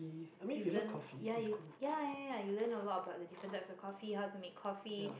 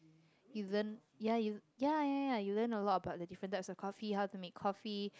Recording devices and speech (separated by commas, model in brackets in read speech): boundary microphone, close-talking microphone, conversation in the same room